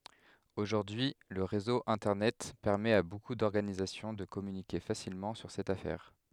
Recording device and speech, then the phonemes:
headset microphone, read sentence
oʒuʁdyi lə ʁezo ɛ̃tɛʁnɛt pɛʁmɛt a boku dɔʁɡanizasjɔ̃ də kɔmynike fasilmɑ̃ syʁ sɛt afɛʁ

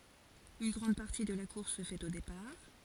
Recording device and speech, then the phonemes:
forehead accelerometer, read sentence
yn ɡʁɑ̃d paʁti də la kuʁs sə fɛt o depaʁ

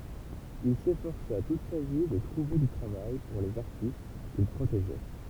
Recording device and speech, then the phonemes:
temple vibration pickup, read sentence
il sefɔʁsa tut sa vi də tʁuve dy tʁavaj puʁ lez aʁtist kil pʁoteʒɛ

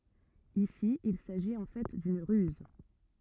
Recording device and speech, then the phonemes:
rigid in-ear microphone, read sentence
isi il saʒit ɑ̃ fɛ dyn ʁyz

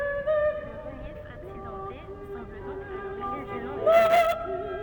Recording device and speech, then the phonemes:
rigid in-ear microphone, read sentence
lə ʁəljɛf aksidɑ̃te sɑ̃bl dɔ̃k a loʁiʒin dy nɔ̃ dy ljø

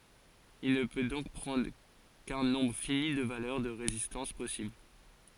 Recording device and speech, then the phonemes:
forehead accelerometer, read sentence
il nə pø dɔ̃k pʁɑ̃dʁ kœ̃ nɔ̃bʁ fini də valœʁ də ʁezistɑ̃s pɔsibl

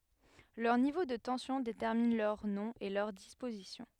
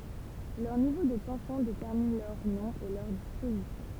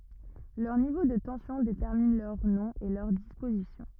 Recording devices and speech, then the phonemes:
headset microphone, temple vibration pickup, rigid in-ear microphone, read sentence
lœʁ nivo də tɑ̃sjɔ̃ detɛʁmin lœʁ nɔ̃ e lœʁ dispozisjɔ̃

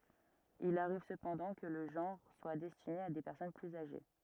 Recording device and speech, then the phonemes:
rigid in-ear microphone, read sentence
il aʁiv səpɑ̃dɑ̃ kə lə ʒɑ̃ʁ swa dɛstine a de pɛʁsɔn plyz aʒe

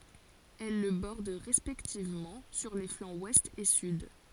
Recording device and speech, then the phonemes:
forehead accelerometer, read sentence
ɛl lə bɔʁd ʁɛspɛktivmɑ̃ syʁ le flɑ̃z wɛst e syd

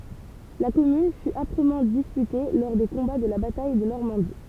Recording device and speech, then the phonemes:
temple vibration pickup, read sentence
la kɔmyn fy apʁəmɑ̃ dispyte lɔʁ de kɔ̃ba də la bataj də nɔʁmɑ̃di

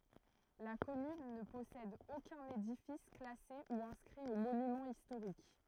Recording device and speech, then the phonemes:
throat microphone, read sentence
la kɔmyn nə pɔsɛd okœ̃n edifis klase u ɛ̃skʁi o monymɑ̃z istoʁik

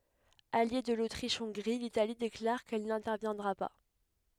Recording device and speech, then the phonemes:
headset microphone, read sentence
alje də lotʁiʃɔ̃ɡʁi litali deklaʁ kɛl nɛ̃tɛʁvjɛ̃dʁa pa

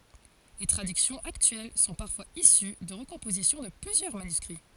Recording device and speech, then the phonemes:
forehead accelerometer, read sentence
le tʁadyksjɔ̃z aktyɛl sɔ̃ paʁfwaz isy də ʁəkɔ̃pozisjɔ̃ də plyzjœʁ manyskʁi

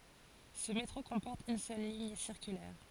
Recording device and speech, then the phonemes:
forehead accelerometer, read sentence
sə metʁo kɔ̃pɔʁt yn sœl liɲ siʁkylɛʁ

